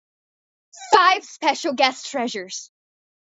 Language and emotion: English, sad